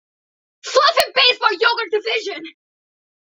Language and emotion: English, surprised